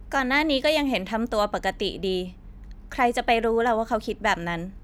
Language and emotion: Thai, neutral